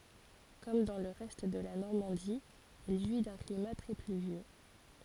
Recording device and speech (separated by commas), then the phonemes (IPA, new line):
forehead accelerometer, read sentence
kɔm dɑ̃ lə ʁɛst də la nɔʁmɑ̃di ɛl ʒwi dœ̃ klima tʁɛ plyvjø